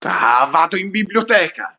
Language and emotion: Italian, angry